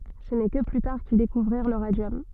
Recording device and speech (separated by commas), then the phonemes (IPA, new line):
soft in-ear microphone, read sentence
sə nɛ kə ply taʁ kil dekuvʁiʁ lə ʁadjɔm